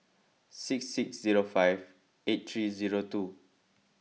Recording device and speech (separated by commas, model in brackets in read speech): mobile phone (iPhone 6), read sentence